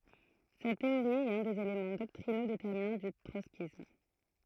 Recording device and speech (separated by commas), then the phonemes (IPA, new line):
throat microphone, read sentence
sɛt teoʁi ɛt œ̃ dez elemɑ̃ dɔktʁino detɛʁminɑ̃ dy tʁɔtskism